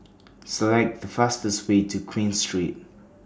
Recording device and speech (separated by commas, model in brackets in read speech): standing microphone (AKG C214), read sentence